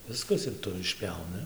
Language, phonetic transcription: Lithuanian, ˈviskas ir ˈtu išˈpjauni

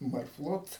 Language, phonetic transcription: Lithuanian, marˈflot

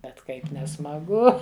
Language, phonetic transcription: Lithuanian, bet ˈkaip nesmaˈgu

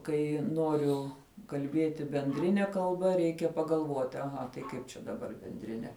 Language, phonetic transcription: Lithuanian, ˈkai ˈnoriu kalˈbėti benˈdrine kalˈba ˈreikia pagalˈvoti aˈha tai ˈkaip čia daˈbar bendriˈne

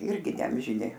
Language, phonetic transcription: Lithuanian, ˈirgi neamžiˈni

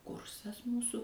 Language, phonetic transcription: Lithuanian, ˈkursas ˈmūsu

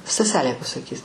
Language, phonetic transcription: Lithuanian, staˈselė pasaˈkys

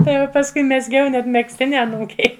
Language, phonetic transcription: Lithuanian, ˈtai jau pasˈkui mezˈgiau net megzˈtini aˈnūkei

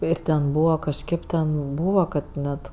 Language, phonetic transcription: Lithuanian, ˈir ten ˈbūva kažˈkėp ten ˈbūva ˈkad ˈnet

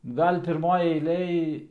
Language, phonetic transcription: Lithuanian, ˈgal' pirˈmoj eiˈlėj

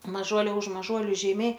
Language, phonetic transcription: Lithuanian, maˈžuolia už maˈžuoliu žeiˈmiai

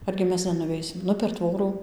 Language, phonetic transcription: Lithuanian, ˈargi ˈmes nenuˈveisim ˈnu per ˈtvorų

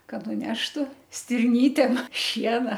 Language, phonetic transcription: Lithuanian, kad nuˈneštu stirˈnytėm ˈšiena

